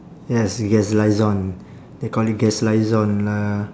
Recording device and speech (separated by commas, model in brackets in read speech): standing microphone, conversation in separate rooms